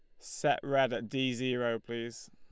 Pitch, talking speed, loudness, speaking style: 120 Hz, 170 wpm, -33 LUFS, Lombard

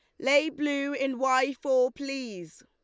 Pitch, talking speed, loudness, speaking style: 270 Hz, 150 wpm, -27 LUFS, Lombard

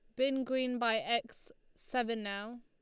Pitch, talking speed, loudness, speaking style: 240 Hz, 150 wpm, -34 LUFS, Lombard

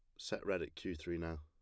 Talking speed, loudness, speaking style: 295 wpm, -42 LUFS, plain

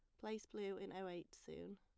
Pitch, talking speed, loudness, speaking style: 200 Hz, 230 wpm, -50 LUFS, plain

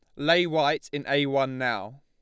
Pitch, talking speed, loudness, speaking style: 140 Hz, 200 wpm, -25 LUFS, Lombard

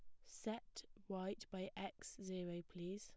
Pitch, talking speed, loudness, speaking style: 190 Hz, 130 wpm, -50 LUFS, plain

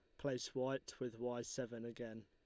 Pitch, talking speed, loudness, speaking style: 125 Hz, 175 wpm, -45 LUFS, Lombard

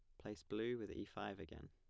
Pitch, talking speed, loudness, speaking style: 105 Hz, 240 wpm, -48 LUFS, plain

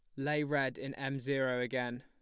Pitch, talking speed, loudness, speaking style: 135 Hz, 200 wpm, -35 LUFS, plain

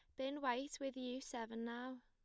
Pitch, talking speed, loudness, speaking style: 255 Hz, 195 wpm, -45 LUFS, plain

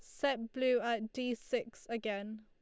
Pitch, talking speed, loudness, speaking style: 235 Hz, 160 wpm, -36 LUFS, Lombard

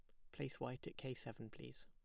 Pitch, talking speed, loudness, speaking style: 115 Hz, 240 wpm, -50 LUFS, plain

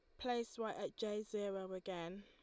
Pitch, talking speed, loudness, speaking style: 210 Hz, 180 wpm, -44 LUFS, Lombard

